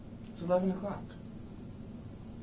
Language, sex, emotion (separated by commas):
English, male, neutral